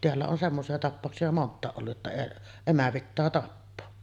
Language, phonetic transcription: Finnish, teällä on 'semmosi₍a 'tappàoksi₍a "mont̆tàeˀ ˀollu’ ’että , 'emä 'pittää 'tappoo .
- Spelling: täällä on semmoisia tapauksia monta ollut että emä pitää tappaa

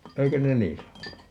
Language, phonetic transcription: Finnish, 'eikö ne "nii sanonu ?
- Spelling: eikö ne niin sanonut

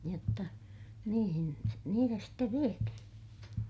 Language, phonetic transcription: Finnish, jotta , niihin , niitä stev viethiḭ .
- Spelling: jotta niihin niitä sitten vietiin

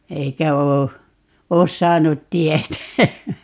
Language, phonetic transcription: Finnish, 'eikä 'oo , "oos 'saanut 'tietä .
- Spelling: eikä ole ole saanut tietää

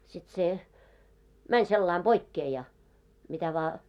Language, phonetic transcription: Finnish, sit se , "mäń 'sellaim "ʙoikkee ja , mitä vaa .
- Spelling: sitten se meni sillä lailla poikkeen ja mitä vain

